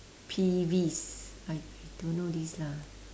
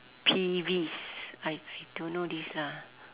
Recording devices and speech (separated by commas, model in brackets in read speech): standing microphone, telephone, conversation in separate rooms